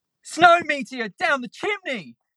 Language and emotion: English, fearful